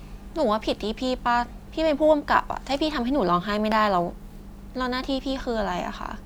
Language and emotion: Thai, frustrated